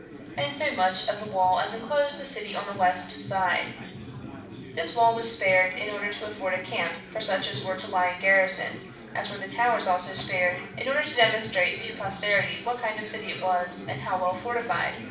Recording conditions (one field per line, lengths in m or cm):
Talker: one person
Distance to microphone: 5.8 m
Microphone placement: far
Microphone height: 1.8 m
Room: medium-sized (5.7 m by 4.0 m)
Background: babble